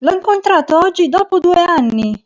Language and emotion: Italian, happy